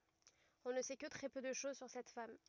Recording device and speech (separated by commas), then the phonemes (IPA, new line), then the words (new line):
rigid in-ear microphone, read sentence
ɔ̃ nə sɛ kə tʁɛ pø də ʃoz syʁ sɛt fam
On ne sait que très peu de choses sur cette femme.